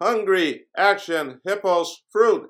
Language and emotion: English, neutral